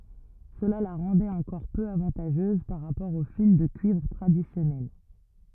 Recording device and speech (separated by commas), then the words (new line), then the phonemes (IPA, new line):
rigid in-ear microphone, read sentence
Cela la rendait encore peu avantageuse par rapport au fil de cuivre traditionnel.
səla la ʁɑ̃dɛt ɑ̃kɔʁ pø avɑ̃taʒøz paʁ ʁapɔʁ o fil də kyivʁ tʁadisjɔnɛl